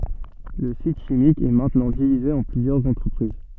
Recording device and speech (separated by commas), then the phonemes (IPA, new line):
soft in-ear microphone, read sentence
lə sit ʃimik ɛ mɛ̃tnɑ̃ divize ɑ̃ plyzjœʁz ɑ̃tʁəpʁiz